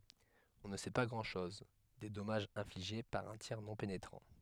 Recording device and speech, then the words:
headset microphone, read sentence
On ne sait pas grand-chose des dommages infligés par un tir non pénétrant.

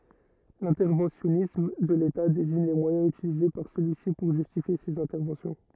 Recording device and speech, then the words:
rigid in-ear microphone, read sentence
L'interventionnisme de l'État désigne les moyens utilisés par celui-ci pour justifier ses interventions.

